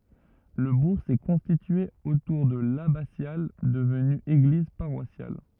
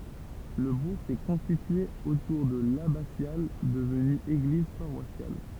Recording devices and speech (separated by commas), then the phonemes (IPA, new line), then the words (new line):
rigid in-ear microphone, temple vibration pickup, read sentence
lə buʁ sɛ kɔ̃stitye otuʁ də labasjal dəvny eɡliz paʁwasjal
Le bourg s'est constitué autour de l'abbatiale devenue église paroissiale.